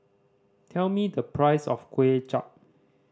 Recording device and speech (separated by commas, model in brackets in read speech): standing microphone (AKG C214), read sentence